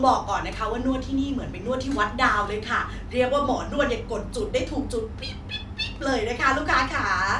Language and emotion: Thai, happy